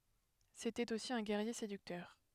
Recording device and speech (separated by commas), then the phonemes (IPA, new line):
headset microphone, read sentence
setɛt osi œ̃ ɡɛʁje sedyktœʁ